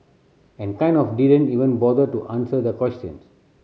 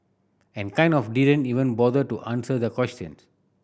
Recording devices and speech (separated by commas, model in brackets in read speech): mobile phone (Samsung C7100), boundary microphone (BM630), read sentence